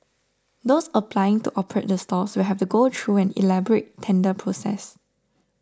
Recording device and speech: standing microphone (AKG C214), read sentence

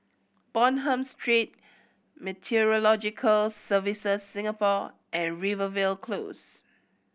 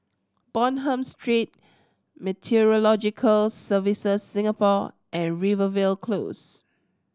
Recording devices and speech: boundary microphone (BM630), standing microphone (AKG C214), read sentence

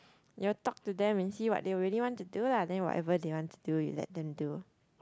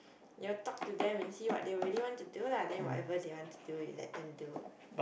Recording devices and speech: close-talking microphone, boundary microphone, conversation in the same room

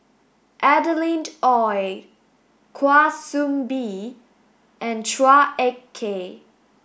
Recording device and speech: boundary microphone (BM630), read sentence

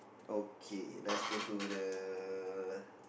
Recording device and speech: boundary microphone, conversation in the same room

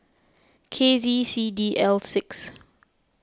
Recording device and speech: close-talking microphone (WH20), read sentence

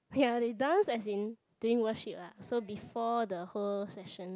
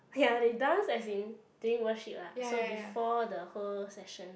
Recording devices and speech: close-talking microphone, boundary microphone, conversation in the same room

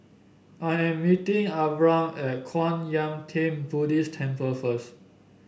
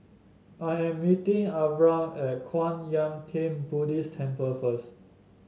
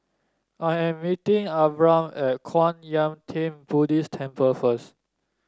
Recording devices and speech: boundary microphone (BM630), mobile phone (Samsung S8), standing microphone (AKG C214), read sentence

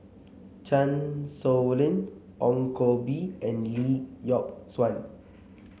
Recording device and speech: mobile phone (Samsung C7), read sentence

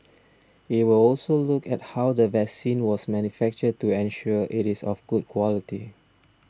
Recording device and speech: standing microphone (AKG C214), read sentence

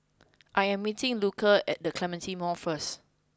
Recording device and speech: close-talking microphone (WH20), read sentence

